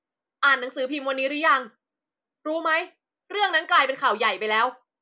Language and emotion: Thai, angry